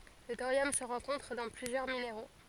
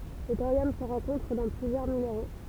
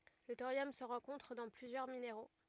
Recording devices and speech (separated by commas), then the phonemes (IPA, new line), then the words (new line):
forehead accelerometer, temple vibration pickup, rigid in-ear microphone, read sentence
lə toʁjɔm sə ʁɑ̃kɔ̃tʁ dɑ̃ plyzjœʁ mineʁo
Le thorium se rencontre dans plusieurs minéraux.